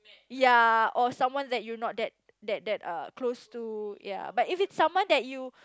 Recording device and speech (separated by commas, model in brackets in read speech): close-talking microphone, conversation in the same room